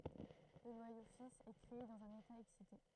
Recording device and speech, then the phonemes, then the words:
throat microphone, read sentence
lə nwajo fis ɛ kʁee dɑ̃z œ̃n eta ɛksite
Le noyau fils est créé dans un état excité.

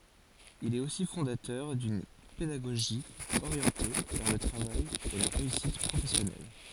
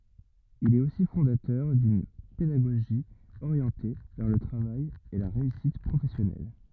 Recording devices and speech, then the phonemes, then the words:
forehead accelerometer, rigid in-ear microphone, read sentence
il ɛt osi fɔ̃datœʁ dyn pedaɡoʒi oʁjɑ̃te vɛʁ lə tʁavaj e la ʁeysit pʁofɛsjɔnɛl
Il est aussi fondateur d’une pédagogie orientée vers le travail et la réussite professionnelle.

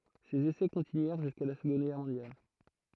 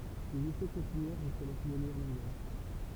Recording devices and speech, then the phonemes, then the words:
throat microphone, temple vibration pickup, read sentence
sez esɛ kɔ̃tinyɛʁ ʒyska la səɡɔ̃d ɡɛʁ mɔ̃djal
Ces essais continuèrent jusqu'à la Seconde Guerre mondiale.

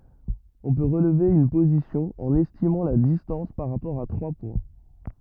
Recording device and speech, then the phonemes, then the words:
rigid in-ear microphone, read sentence
ɔ̃ pø ʁəlve yn pozisjɔ̃ ɑ̃n ɛstimɑ̃ la distɑ̃s paʁ ʁapɔʁ a tʁwa pwɛ̃
On peut relever une position en estimant la distance par rapport à trois points.

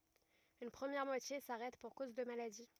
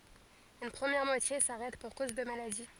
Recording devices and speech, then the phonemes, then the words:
rigid in-ear microphone, forehead accelerometer, read sentence
yn pʁəmjɛʁ mwatje saʁɛt puʁ koz də maladi
Une première moitié s'arrête pour cause de maladie.

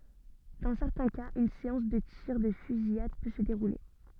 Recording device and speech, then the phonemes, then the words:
soft in-ear microphone, read sentence
dɑ̃ sɛʁtɛ̃ kaz yn seɑ̃s də tiʁ də fyzijad pø sə deʁule
Dans certains cas, une séance de tirs de fusillade peut se dérouler.

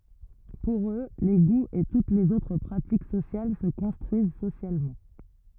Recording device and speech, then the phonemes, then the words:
rigid in-ear microphone, read sentence
puʁ ø le ɡuz e tut lez otʁ pʁatik sosjal sə kɔ̃stʁyiz sosjalmɑ̃
Pour eux, les goûts et toutes les autres pratiques sociales se construisent socialement.

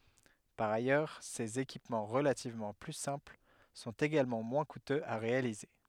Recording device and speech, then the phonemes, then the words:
headset microphone, read sentence
paʁ ajœʁ sez ekipmɑ̃ ʁəlativmɑ̃ ply sɛ̃pl sɔ̃t eɡalmɑ̃ mwɛ̃ kutøz a ʁealize
Par ailleurs, ces équipements relativement plus simples sont également moins coûteux à réaliser.

